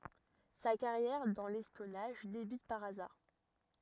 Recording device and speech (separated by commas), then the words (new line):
rigid in-ear microphone, read sentence
Sa carrière dans l'espionnage débute par hasard.